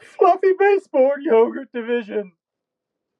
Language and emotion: English, sad